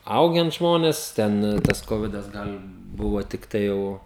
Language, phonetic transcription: Lithuanian, ˈaugen ˈžmonės ˈten tas ˈkovidas ˈgal' ˈbuvo tikˈtai jau

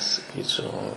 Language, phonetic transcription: Lithuanian, saˈkyčiau

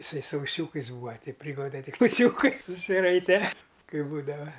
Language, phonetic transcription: Lithuanian, iˈsai su uˈsiūkais ˈbūva ˈtei ˈpryglaude tik uˈsiūkai susiˈraite ˈkai ˈbūdava

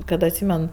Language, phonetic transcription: Lithuanian, kad atˈsymen

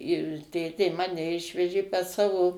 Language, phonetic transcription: Lithuanian, ir ˈtėtė ˈmane ˈišvežė pas ˈsavo

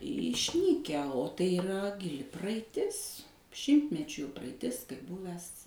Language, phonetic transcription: Lithuanian, išˈnykę o tai iˈra giˈli praaiˈtis ˈšimtmečių praaiˈtis kaip ˈbuves

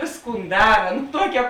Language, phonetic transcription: Lithuanian, ˈvėsˌkūn ˈdara nu ˈtuokia

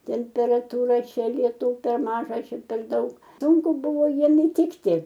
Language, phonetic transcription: Lithuanian, temperatuˈra ˈčia lieˈtų per ˈmaža ˈčia per ˈdaug ˈsūnku ˈbuvo ˈjiem iˈtikti

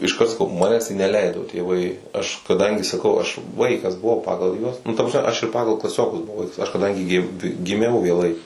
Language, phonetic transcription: Lithuanian, išˈkart saˈkau ˈmanes tai neˈleido tėˈvai aš kaˈdangi saˈkau aš ˈvaikas buˈvau ˈpagal ˈjuos ˈnu ˈta prasˈme ˈaš ir ˈpagal klaˈsiokus buˈvau ˈvaiks aš kaˈdangi gi giˈmiau vėˈlai

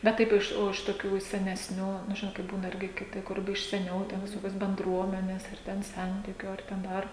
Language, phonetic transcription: Lithuanian, bet ˈtaip ˈiš o iš toˈkių iš senesˈnių nu ˈžinot kai ˈbūna ˈirgi kiˈti ˈkur iš seˈniau ten viˈsokios benˈdruomenės ar ˈten ˈsentikiu ar ˈten ˈdar

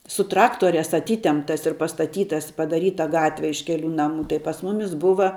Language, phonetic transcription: Lithuanian, su ˈtraktoriās aˈtytemptas ir pastaˈtytas padaˈryta ˈgatve iš ˈkelių ˈnamų tai pas ˈmumis ˈbuva

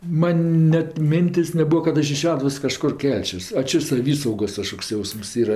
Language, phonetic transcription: Lithuanian, ˈman ˈnet ˈmintės' neˈbua kad ˈaš iš ˈšeduvos kaˈžkur ˈkelčios a ˈčia saˈvysaugos kaˈžkoks ˈjausms ˈyra

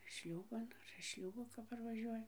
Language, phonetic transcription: Lithuanian, ˈšliūban ar iš ˈšliūbo kap parvaˈžiuoja

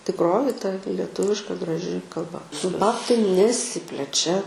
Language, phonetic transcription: Lithuanian, tikˈroji ta leˈtuviška graˈži kalˈba su ˈbabtai neˈsiplečia

